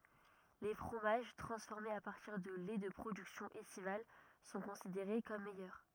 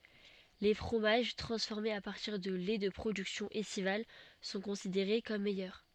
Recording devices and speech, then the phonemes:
rigid in-ear microphone, soft in-ear microphone, read sentence
le fʁomaʒ tʁɑ̃sfɔʁmez a paʁtiʁ də lɛ də pʁodyksjɔ̃z ɛstival sɔ̃ kɔ̃sideʁe kɔm mɛjœʁ

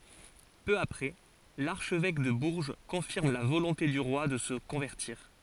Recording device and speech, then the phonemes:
forehead accelerometer, read sentence
pø apʁɛ laʁʃvɛk də buʁʒ kɔ̃fiʁm la volɔ̃te dy ʁwa də sə kɔ̃vɛʁtiʁ

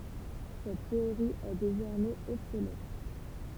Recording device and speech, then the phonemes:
temple vibration pickup, read sentence
sɛt teoʁi ɛ dezɔʁmɛz ɔbsolɛt

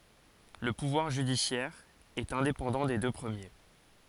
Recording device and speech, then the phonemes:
forehead accelerometer, read sentence
lə puvwaʁ ʒydisjɛʁ ɛt ɛ̃depɑ̃dɑ̃ de dø pʁəmje

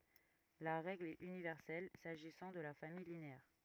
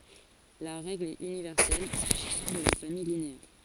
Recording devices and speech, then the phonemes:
rigid in-ear microphone, forehead accelerometer, read sentence
la ʁɛɡl ɛt ynivɛʁsɛl saʒisɑ̃ də la famij lineɛʁ

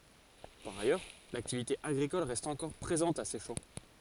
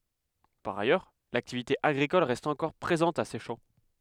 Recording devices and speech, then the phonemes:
forehead accelerometer, headset microphone, read sentence
paʁ ajœʁ laktivite aɡʁikɔl ʁɛst ɑ̃kɔʁ pʁezɑ̃t a sɛʃɑ̃

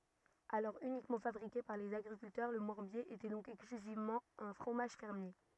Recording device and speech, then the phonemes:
rigid in-ear microphone, read sentence
alɔʁ ynikmɑ̃ fabʁike paʁ lez aɡʁikyltœʁ lə mɔʁbje etɛ dɔ̃k ɛksklyzivmɑ̃ œ̃ fʁomaʒ fɛʁmje

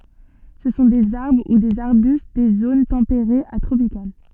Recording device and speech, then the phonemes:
soft in-ear microphone, read sentence
sə sɔ̃ dez aʁbʁ u dez aʁbyst de zon tɑ̃peʁez a tʁopikal

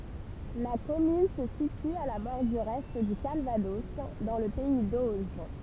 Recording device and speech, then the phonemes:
temple vibration pickup, read sentence
la kɔmyn sə sity a la bɔʁdyʁ ɛ dy kalvadɔs dɑ̃ lə pɛi doʒ

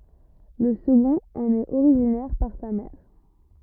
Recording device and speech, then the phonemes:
rigid in-ear microphone, read sentence
lə səɡɔ̃t ɑ̃n ɛt oʁiʒinɛʁ paʁ sa mɛʁ

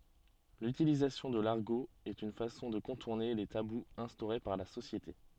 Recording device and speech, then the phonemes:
soft in-ear microphone, read sentence
lytilizasjɔ̃ də laʁɡo ɛt yn fasɔ̃ də kɔ̃tuʁne le tabuz ɛ̃stoʁe paʁ la sosjete

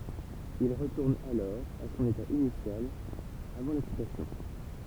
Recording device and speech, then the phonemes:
temple vibration pickup, read sentence
il ʁətuʁn alɔʁ a sɔ̃n eta inisjal avɑ̃ lɛksitasjɔ̃

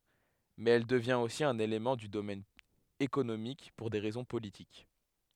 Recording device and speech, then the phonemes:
headset microphone, read sentence
mɛz ɛl dəvjɛ̃t osi œ̃n elemɑ̃ dy domɛn ekonomik puʁ de ʁɛzɔ̃ politik

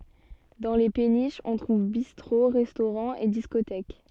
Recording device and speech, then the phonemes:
soft in-ear microphone, read sentence
dɑ̃ le peniʃz ɔ̃ tʁuv bistʁo ʁɛstoʁɑ̃z e diskotɛk

